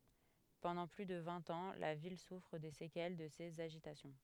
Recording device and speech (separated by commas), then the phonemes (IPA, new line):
headset microphone, read sentence
pɑ̃dɑ̃ ply də vɛ̃t ɑ̃ la vil sufʁ de sekɛl də sez aʒitasjɔ̃